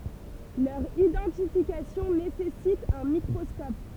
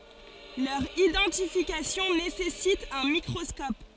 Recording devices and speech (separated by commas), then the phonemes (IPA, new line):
temple vibration pickup, forehead accelerometer, read sentence
lœʁ idɑ̃tifikasjɔ̃ nesɛsit œ̃ mikʁɔskɔp